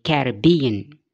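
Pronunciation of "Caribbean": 'Caribbean' has four syllables, with the main stress on the third syllable and a secondary stress on the first.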